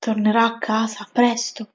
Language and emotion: Italian, sad